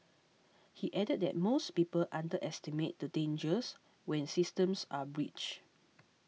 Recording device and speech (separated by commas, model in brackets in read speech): mobile phone (iPhone 6), read sentence